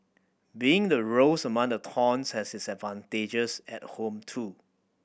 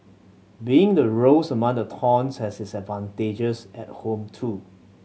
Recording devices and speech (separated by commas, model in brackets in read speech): boundary microphone (BM630), mobile phone (Samsung C7100), read sentence